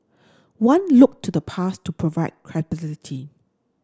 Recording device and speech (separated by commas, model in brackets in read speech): standing microphone (AKG C214), read sentence